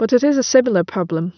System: none